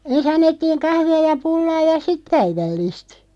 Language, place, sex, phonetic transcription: Finnish, Loppi, female, en's ‿annettiiŋ 'kahvi₍a ja 'pullaa ja "sit 'päivällìst .
- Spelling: ensin annettiin kahvia ja pullaa ja sitten päivällistä

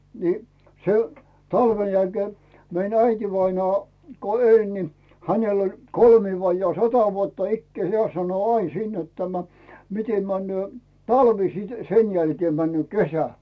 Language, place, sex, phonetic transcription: Finnish, Rautu, male, ni , se , 'talven jälkee , 'mein ‿"äitivainaa , ko 'eĺ ni , 'hänel ‿oĺ , 'kolmii vajjaa 'sata vuotta "ikkᵉä̀ 'heä̀ sano "ain siin net tämä , 'mitem männʸö̀ , "talvi sit , 'sen jälkee männyö̀ "kesä .
- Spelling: niin se talven jälkeen meni äitivainaa kun eli niin hänellä oli kolmea vajaa sata vuotta ikää hän sanoi aina siinä että tämä miten menee talvi sitten sen jälkeen menee kesä

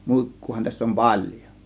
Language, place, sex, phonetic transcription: Finnish, Kiihtelysvaara, male, 'mùikkuu-ha täss ‿om "paĺjo .
- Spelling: muikkuahan tässä on paljon

